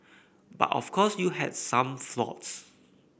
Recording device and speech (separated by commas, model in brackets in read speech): boundary microphone (BM630), read sentence